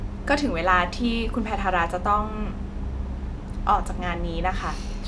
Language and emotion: Thai, neutral